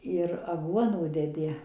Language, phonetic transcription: Lithuanian, ir aˈguonų deˈdi

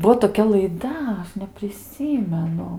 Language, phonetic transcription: Lithuanian, ˈbuo toˈkia laiˈda ˈaš nepriˈsymenu

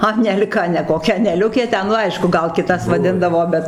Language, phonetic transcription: Lithuanian, anel'ˈka ne koˈkia aneˈliukė ˈten nu ˈaišku ˈgal kiˈtas vaˈdindavo ˈbet

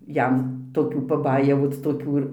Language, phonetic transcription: Lithuanian, ˈjam toˈkių paˈbajevoc toˈkių ir

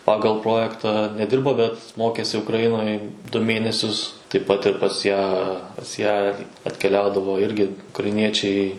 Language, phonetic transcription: Lithuanian, ˈpagal ˈprojektą neˈdirbo bet ˈmokėsi ukraˈjinoj du ˈmėnesius taip ˈpat ir pas ˈją pas ˈją ir atkeˈliaudavo ˈirgi ukraiˈniečiai

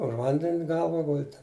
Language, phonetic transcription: Lithuanian, už ˈvanden' ˈgalva ˈguldi

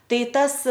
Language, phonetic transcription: Lithuanian, ˈtai ˈtas

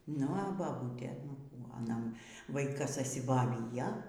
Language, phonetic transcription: Lithuanian, ˈnu a baˈbūtė nu ˈkų aˈna ˈvaikas ažsiboˈvyja

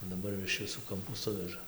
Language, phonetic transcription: Lithuanian, daˈbar jau iš viˈsų kamˈpų ˈsuveža

